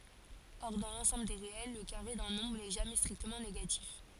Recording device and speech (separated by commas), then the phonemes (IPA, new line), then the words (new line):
forehead accelerometer, read sentence
ɔʁ dɑ̃ lɑ̃sɑ̃bl de ʁeɛl lə kaʁe dœ̃ nɔ̃bʁ nɛ ʒamɛ stʁiktəmɑ̃ neɡatif
Or, dans l'ensemble des réels, le carré d'un nombre n'est jamais strictement négatif.